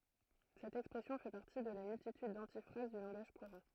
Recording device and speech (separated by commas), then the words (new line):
throat microphone, read sentence
Cette expression fait partie de la multitude d’antiphrases du langage courant.